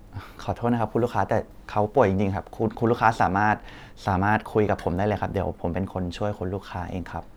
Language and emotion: Thai, neutral